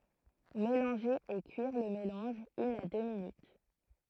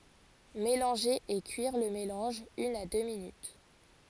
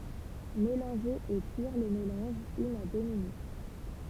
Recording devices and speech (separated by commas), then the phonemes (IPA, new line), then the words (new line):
throat microphone, forehead accelerometer, temple vibration pickup, read sentence
melɑ̃ʒe e kyiʁ lə melɑ̃ʒ yn a dø minyt
Mélanger et cuire le mélange une à deux minutes.